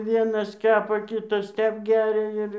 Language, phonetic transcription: Lithuanian, ˈvienas ˈkepa ˈkitas ˈtep ˈgæria ir

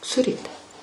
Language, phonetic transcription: Lithuanian, suˈryti

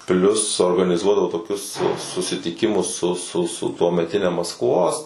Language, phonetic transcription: Lithuanian, ˈplius organiˈzuodavo toˈkius susitiˈkimus su su su tuomeˈtine maskˈvos

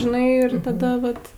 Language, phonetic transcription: Lithuanian, žiˈnai ir taˈda vat

